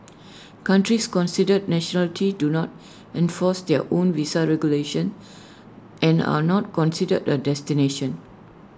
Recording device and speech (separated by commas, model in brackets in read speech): standing microphone (AKG C214), read sentence